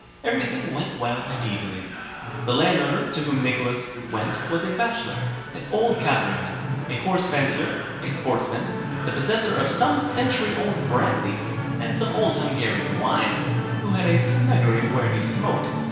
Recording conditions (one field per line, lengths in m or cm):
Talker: one person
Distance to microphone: 1.7 m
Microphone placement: close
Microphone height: 1.0 m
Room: very reverberant, large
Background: television